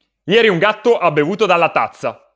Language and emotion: Italian, angry